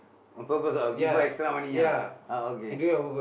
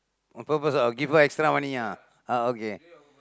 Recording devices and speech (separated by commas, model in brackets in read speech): boundary microphone, close-talking microphone, conversation in the same room